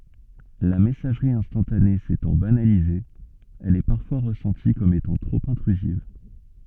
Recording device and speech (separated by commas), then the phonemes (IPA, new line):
soft in-ear microphone, read sentence
la mɛsaʒʁi ɛ̃stɑ̃tane setɑ̃ banalize ɛl ɛ paʁfwa ʁəsɑ̃ti kɔm etɑ̃ tʁop ɛ̃tʁyziv